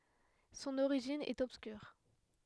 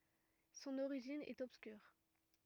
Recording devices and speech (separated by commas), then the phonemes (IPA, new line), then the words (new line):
headset microphone, rigid in-ear microphone, read sentence
sɔ̃n oʁiʒin ɛt ɔbskyʁ
Son origine est obscure.